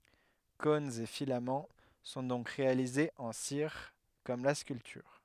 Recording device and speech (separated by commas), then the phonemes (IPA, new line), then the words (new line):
headset microphone, read sentence
kɔ̃nz e filamɑ̃ sɔ̃ dɔ̃k ʁealizez ɑ̃ siʁ kɔm la skyltyʁ
Cônes et filaments sont donc réalisés en cire, comme la sculpture.